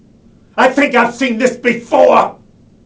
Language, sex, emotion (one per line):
English
male
angry